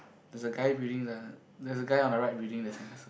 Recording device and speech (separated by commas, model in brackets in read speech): boundary microphone, conversation in the same room